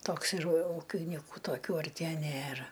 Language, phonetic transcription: Lithuanian, ˈtoks ir ˈūkiniku toˈkių arˈtie ˈnėra

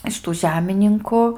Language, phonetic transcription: Lithuanian, iš ˈtų ˈžemininku

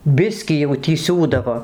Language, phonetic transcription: Lithuanian, ˈbiskį jau tį ˈsiūdavo

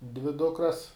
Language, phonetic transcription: Lithuanian, dvi ˈdukras

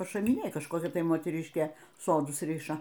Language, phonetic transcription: Lithuanian, pašamiˈnėj kažˈkokia ˈtai moteˈriškė ˈsodus ˈriša

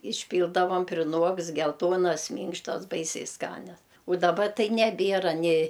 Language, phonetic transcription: Lithuanian, išˈpyldavam priˈnuokst gelˈtuonas ˈmynkštas ˈbaisiai ˈskanias u ˈdaba ˈtai neˈbėra ni

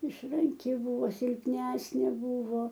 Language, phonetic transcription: Lithuanian, išranˈki ˈbuvo silpˈnesnė ˈbuvo

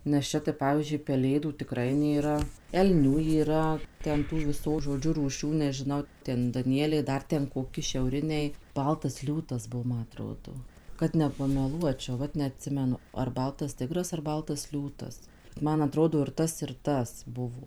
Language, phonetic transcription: Lithuanian, nes ˈčia tai ˈpavyzdžiui peˈlėdų tiˈkrai nėˈra elˈnių yˈra ˈten ˈtų viˈso žoˈdžiu rūˈšių nežiˈnau ˈten daˈnieliai ˈdar ten koˈki šiauˈriniai ˈbaltas ˈliūtas ˈbuo ˈma aˈtrodo kad nepameˈluočiau ˈvat neatˈsimenu ar ˈbaltas ˈtigras ar ˈbaltas ˈliūtas ˈman aˈtrodo ir ˈtas ir ˈtas ˈbuvo

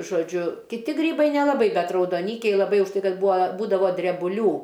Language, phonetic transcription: Lithuanian, žoˈdžiu kiˈti ˈgrybai nelaˈbai ˈbet raudoˈnykiai laˈbai už ˈtai ˈkad ˈbūa ˈbūdavo drebuˈlių

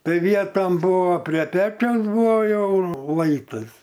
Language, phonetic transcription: Lithuanian, ˈtai ˈvietom ˈbuvo pre ˈpečiausˈbuvo ˈjau ˈlaitas

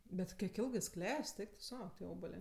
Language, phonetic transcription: Lithuanian, ˈbet kiek ˈilgɜ jis ˈkles't' ˈeik tu ˈsau tie ˈobalė

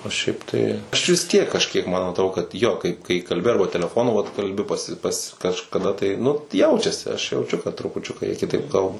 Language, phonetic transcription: Lithuanian, o ˈšiaip tai ˈaš vis ˈtiek kažˈkiek ˈman atˈro kad ˈjo kaip kai kalˈbi ˈarba teleˈfonu vat kalˈbi paˈsi pas kažkaˈda tai nu ˈjaučiasi aš jauˈčiu kad trupuˈčiuka jie kiˈtaip ˈkalba

